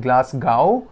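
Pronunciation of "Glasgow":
'Glasgow' is pronounced incorrectly here: its ending sounds like the word 'how'.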